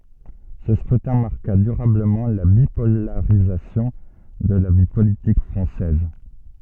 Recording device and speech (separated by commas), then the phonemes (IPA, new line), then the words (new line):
soft in-ear microphone, read sentence
sə skʁytɛ̃ maʁka dyʁabləmɑ̃ la bipolaʁizasjɔ̃ də la vi politik fʁɑ̃sɛz
Ce scrutin marqua durablement la bipolarisation de la vie politique française.